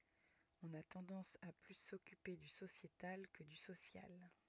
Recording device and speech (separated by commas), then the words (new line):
rigid in-ear microphone, read sentence
On a tendance à plus s’occuper du sociétal que du social.